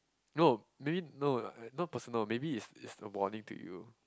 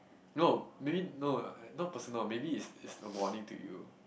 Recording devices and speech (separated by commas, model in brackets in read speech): close-talking microphone, boundary microphone, conversation in the same room